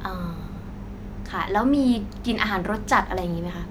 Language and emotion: Thai, neutral